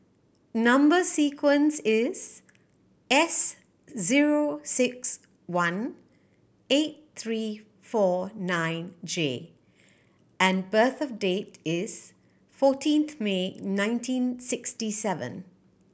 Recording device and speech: boundary microphone (BM630), read sentence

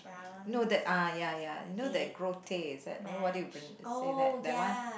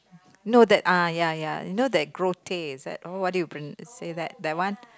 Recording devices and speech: boundary microphone, close-talking microphone, conversation in the same room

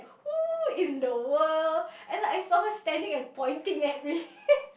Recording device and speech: boundary microphone, conversation in the same room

